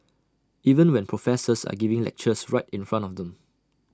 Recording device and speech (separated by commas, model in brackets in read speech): standing microphone (AKG C214), read sentence